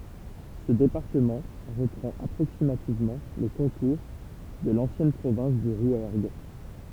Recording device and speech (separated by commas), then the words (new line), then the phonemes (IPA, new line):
temple vibration pickup, read sentence
Ce département reprend approximativement les contours de l'ancienne province du Rouergue.
sə depaʁtəmɑ̃ ʁəpʁɑ̃t apʁoksimativmɑ̃ le kɔ̃tuʁ də lɑ̃sjɛn pʁovɛ̃s dy ʁwɛʁɡ